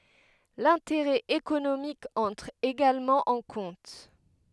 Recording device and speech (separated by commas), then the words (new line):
headset microphone, read sentence
L'intérêt économique entre également en compte.